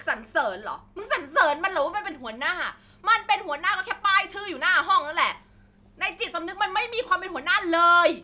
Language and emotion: Thai, angry